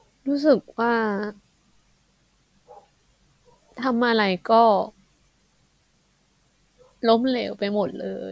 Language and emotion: Thai, sad